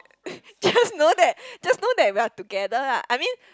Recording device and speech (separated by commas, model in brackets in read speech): close-talking microphone, conversation in the same room